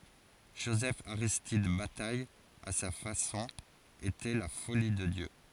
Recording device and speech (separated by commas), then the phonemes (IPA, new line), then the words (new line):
forehead accelerometer, read sentence
ʒozɛfaʁistid bataj a sa fasɔ̃ etɛ la foli də djø
Joseph-Aristide Bataille, à sa façon, était la “folie” de Dieu.